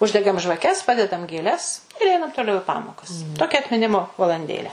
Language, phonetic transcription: Lithuanian, ˈuždegam žvaˈkes ˈpadedam gėˈles ir ˈeinam toˈliau i ˈpamokas ˈtokia atmiˈnimo valanˈdėlę

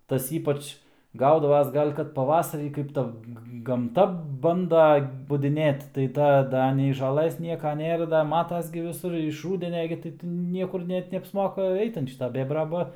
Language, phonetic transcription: Lithuanian, ˈtas ˈypač ˈgaudavas ˈgal' kad paˈvasarį ˈkaip ˈta gamˈta ˈbanda budiˈnėt tai ˈta ˈda nei žaˈlɘs ˈnieka ˈnėra da ˈmatas gi viˈsur iš ˈrūdenia gi tai ti ˈniekur ˈnet neapsˈmoka ˈeit an ˈšita ˈbėbra ˈba

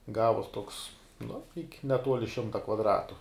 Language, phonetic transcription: Lithuanian, ˈgavuos toks nu ik' neˈtuoli ˈšimta kvadˈratu

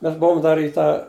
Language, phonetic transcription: Lithuanian, ˈmes ˈbuvom ˈdar į ˈtą

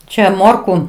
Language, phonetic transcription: Lithuanian, ˈčia ˈmorku

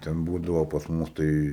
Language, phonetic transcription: Lithuanian, ten ˈbūdavo pas ˈmus ˈtai

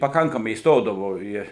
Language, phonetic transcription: Lithuanian, paˈkankamai įsˈtodavo ˈį

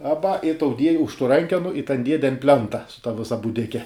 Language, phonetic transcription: Lithuanian, ˈaba i tau dieji už tų ˈrankenu i tan ˈdiede an ˈplenta su ta ˈvisa būˈdike

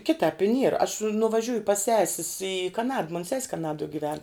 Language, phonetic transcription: Lithuanian, ˈkitāp i nier aš nuvaˈžiūju pas ˈsesis i kaˈnad mon ses' kaˈnaduo giˈven

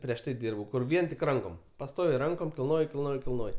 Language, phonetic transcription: Lithuanian, prieš ˈtai ˈdyrbau kur ˈvien tik ˈrankom paˈstoviai ˈrankom kilˈnoji kilˈnoji kilˈnoj

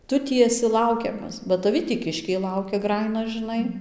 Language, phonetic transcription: Lithuanian, ˈtu ˈtį eˈsi ˈlaukiamas ba taˈvi tį ˈkiškiai ˈlaukia ˈgrajina žɨˈnai

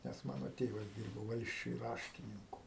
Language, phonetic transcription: Lithuanian, nes ˈmano ˈtėvas ˈdyrbo ˈvalsčiuj ˈraštininku

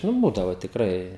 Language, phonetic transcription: Lithuanian, nu ˈbūdavo tikˈrai

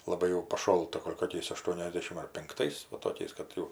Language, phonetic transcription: Lithuanian, laˈbai jau paˈšolta ˈgol' koˈkiais aˈštuoniasdešim ar pinkˈtais ˈva toˈkiais kad ˈjau

